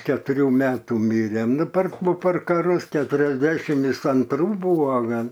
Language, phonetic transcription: Lithuanian, ketuˈrių ˈmetų ˈmirė ˈnu per per kaˈrus keturiasˈdešim ˈis anˈtrų ˈbuvo ˈgal

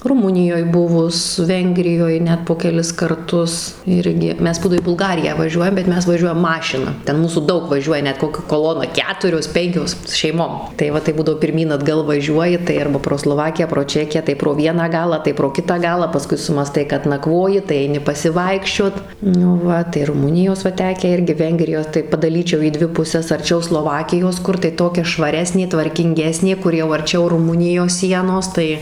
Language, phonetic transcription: Lithuanian, ruˈmunijoj ˈbuvus ˈvengrijoj ˈnet po keˈlis karˈtus ˈirgi ˈmes ˈbūdo į bulˈgariją vaˈžiuojam bet ˈmes vaˈžiuojam ˈmašina ˈten ˈmūsų ˈdaug vaˈžiuoja ˈnet ˈkokia koˈlona ˈketurios ˈpenkios šeiˈmom tai ˈva tai ˈbūdavo pirˈmyn atˈgal vaˈžiuoji tai ˈarba pro sloˈvakiją pro ˈčekiją tai pro ˈvieną ˈgalą tai pro ˈkitą ˈgalą paˈskui sumąˈstai kad naˈkvoji tai aiˈni pasiˈvaikščiot nu ˈva tai ruˈmunijos va ˈtekę ˈirgi ˈvengrijos tai padaˈlyčiau į ˈdvi puses arˈčiau sloˈvakijos ˈkur tai ˈtokia švaˈresnė tvarkinˈgesnė ˈkur jau arˈčiau ruˈmunijos ˈsienos ˈtai

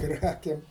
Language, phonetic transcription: Lithuanian, ˈkrakėm

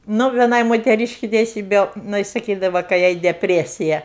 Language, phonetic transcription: Lithuanian, ˈnu vieˈnai moteˈryški teiˈsybe jiˈnai saˈkydava kai ˈjai depˈresija

